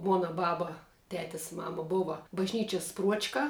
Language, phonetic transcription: Lithuanian, ˈmuona ˈbaba ˈtetes ˈmama ˈbova bažˈnyčias ˈpruočka

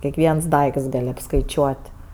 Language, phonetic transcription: Lithuanian, kiekˈviens ˈdaikts ˈgal' apskaiˈčiuot'

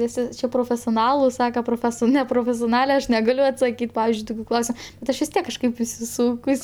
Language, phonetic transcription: Lithuanian, viˈsi ˈčia profesioˈnalai ˈsaka proˈfeso neprofesioˈnale aš neˈgaliu atsaˈkyt ˈpavizdžiui ˈtukiu ˈklausia bet ˈaš vis ˈtiek kažˈkaip isiˈsūkus

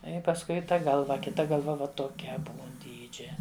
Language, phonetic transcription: Lithuanian, i pasˈkui ˈta ˈgalva kiˈta galˈva ˈva toˈkia ˈbūn ˈdydžia

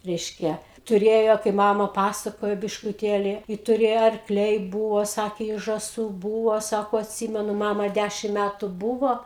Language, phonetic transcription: Lithuanian, ˈreiškia tuˈrėjo kaip ˈmama ˈpasakojo biškuˈtėli i tuˈrėjo arkˈliai ˈbūvo ˈsakė i žaˈsų ˈbūvo ˈsako atˈsimenu ˈmama ˈdæšim ˈmætu ˈbūvo

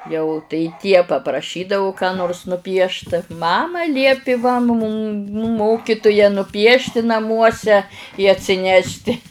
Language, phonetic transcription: Lithuanian, jau tai ˈtie papraˈšydavu ką ˈnors nuˈpiešt ˈmama ˈliepi va mūm ˈmokituja nuˈpiešti naˈmuose i atsiˈnešˈti

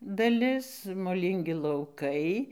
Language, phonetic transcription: Lithuanian, daˈlis moˈlyngi lauˈkai

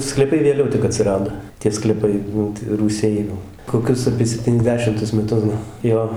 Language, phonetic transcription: Lithuanian, sklyˈpai vėˈliau tik atsiˈrado tie skleˈpai ˈnu ta rūˈsiai ˈnu koˈkius apie septyniasˈdešimtus meˈtus gal ˈjo

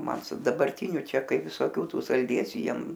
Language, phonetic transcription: Lithuanian, ˈman su dabarˈtiniu ˈčia ˈkai visoˈkių ˈtų salˈdėsių ˈjiem

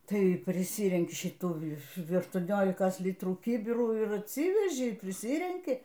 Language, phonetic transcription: Lithuanian, ˈtai priˈsyrenki šiˈtų aštuoˈniolikas ˈlitrų ˈkybirų ir atˈsyveži priˈsyrenki

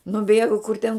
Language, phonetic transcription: Lithuanian, nuˈbėgu kur ten

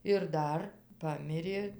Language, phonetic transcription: Lithuanian, ir ˈdar ˈpamirė

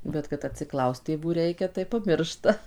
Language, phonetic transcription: Lithuanian, bet kad atsiˈklaust tėˈvų ˈreikia tai paˈmiršta

